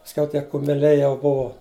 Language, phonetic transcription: Lithuanian, pasˈkiau ˈtie kumeˈliai jau ˈbuvo

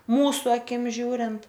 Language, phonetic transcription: Lithuanian, ˈmūsu aˈkim ˈžiūrint

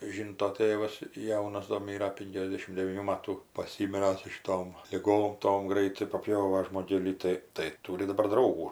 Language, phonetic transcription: Lithuanian, ˈžynto ˈtėvas ˈjaunas do ˈmyra ˈpinkiasˌdėšim devyˈnių ˈmatų paˈsymira su šiˈtom liˈgom ˈtom ˈgraitai paˈpjova žmoˈgėlį ˈtai tai ˈtūri daˈbar ˈdraugų

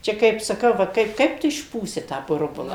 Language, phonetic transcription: Lithuanian, ˈčia kaip saˈkau ˈva ˈkaip ˈkaip tu išˈpūsi tą ˈburbula

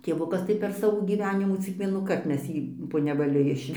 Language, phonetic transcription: Lithuanian, tėˈvukas tai per ˈsavo gyˈvenimą cik ˈvienųkart ˈmes ˈjį po nevaˈliu ˈišvežėm

